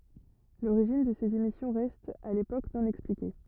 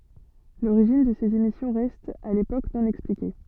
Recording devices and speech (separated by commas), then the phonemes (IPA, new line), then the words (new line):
rigid in-ear microphone, soft in-ear microphone, read sentence
loʁiʒin də sez emisjɔ̃ ʁɛst a lepok nɔ̃ ɛksplike
L'origine de ces émissions reste à l'époque non expliquée.